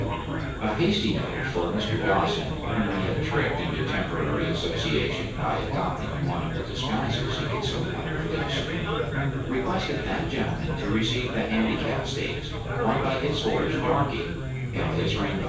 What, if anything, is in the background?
Crowd babble.